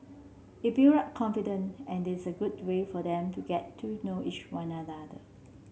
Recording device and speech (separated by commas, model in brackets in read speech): mobile phone (Samsung C7), read sentence